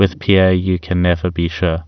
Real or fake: real